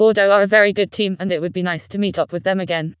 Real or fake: fake